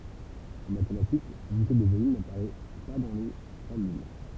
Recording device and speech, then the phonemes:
temple vibration pickup, read sentence
ɑ̃ matematik lynite də volym napaʁɛ pa dɑ̃ le fɔʁmyl

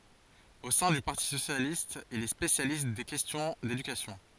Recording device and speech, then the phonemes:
forehead accelerometer, read sentence
o sɛ̃ dy paʁti sosjalist il ɛ spesjalist de kɛstjɔ̃ dedykasjɔ̃

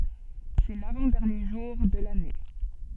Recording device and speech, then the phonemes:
soft in-ear microphone, read sentence
sɛ lavɑ̃ dɛʁnje ʒuʁ də lane

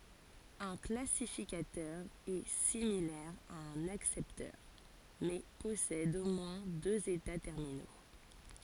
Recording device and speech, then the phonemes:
forehead accelerometer, read sentence
œ̃ klasifikatœʁ ɛ similɛʁ a œ̃n aksɛptœʁ mɛ pɔsɛd o mwɛ̃ døz eta tɛʁmino

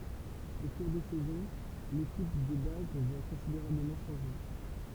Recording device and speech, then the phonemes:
temple vibration pickup, read sentence
o kuʁ de sɛzɔ̃ lekip də baz va kɔ̃sideʁabləmɑ̃ ʃɑ̃ʒe

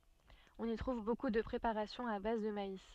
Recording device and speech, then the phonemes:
soft in-ear microphone, read sentence
ɔ̃n i tʁuv boku də pʁepaʁasjɔ̃z a baz də mais

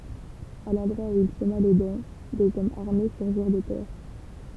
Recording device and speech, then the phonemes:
temple vibration pickup, read sentence
a lɑ̃dʁwa u il səma le dɑ̃ dez ɔmz aʁme syʁʒiʁ də tɛʁ

